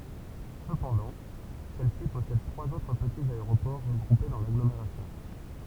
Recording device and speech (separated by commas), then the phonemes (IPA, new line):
temple vibration pickup, read sentence
səpɑ̃dɑ̃ sɛlsi pɔsɛd tʁwaz otʁ pətiz aeʁopɔʁ ʁəɡʁupe dɑ̃ laɡlomeʁasjɔ̃